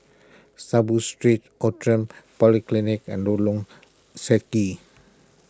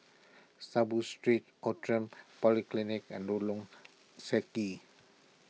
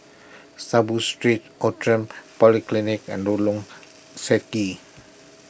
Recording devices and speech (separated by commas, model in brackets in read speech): close-talking microphone (WH20), mobile phone (iPhone 6), boundary microphone (BM630), read sentence